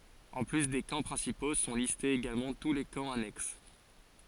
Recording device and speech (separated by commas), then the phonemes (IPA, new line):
forehead accelerometer, read sentence
ɑ̃ ply de kɑ̃ pʁɛ̃sipo sɔ̃ listez eɡalmɑ̃ tu le kɑ̃ anɛks